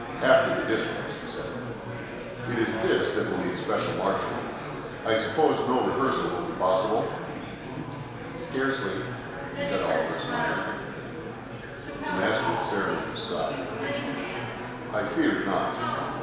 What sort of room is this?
A large, very reverberant room.